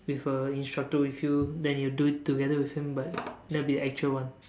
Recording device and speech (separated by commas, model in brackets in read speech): standing microphone, conversation in separate rooms